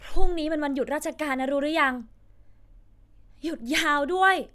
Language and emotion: Thai, happy